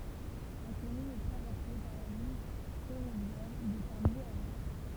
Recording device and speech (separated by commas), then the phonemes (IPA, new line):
temple vibration pickup, read sentence
la kɔmyn ɛ tʁavɛʁse paʁ la liɲ fɛʁovjɛʁ də paʁi a ʁwɛ̃